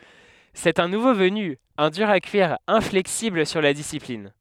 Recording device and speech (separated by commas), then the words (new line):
headset microphone, read sentence
C'est un nouveau venu, un dur à cuire, inflexible sur la discipline.